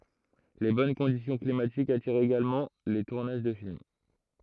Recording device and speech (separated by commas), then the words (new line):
throat microphone, read sentence
Les bonnes conditions climatiques attirent également les tournages de films.